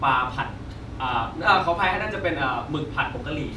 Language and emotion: Thai, neutral